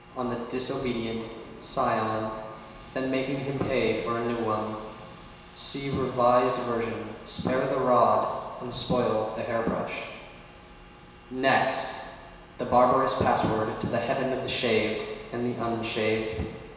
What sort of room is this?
A large and very echoey room.